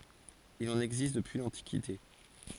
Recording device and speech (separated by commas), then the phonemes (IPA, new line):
forehead accelerometer, read sentence
il ɑ̃n ɛɡzist dəpyi lɑ̃tikite